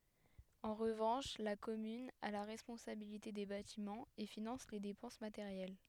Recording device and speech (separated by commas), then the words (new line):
headset microphone, read sentence
En revanche, la commune a la responsabilité des bâtiments, et finance les dépenses matérielles.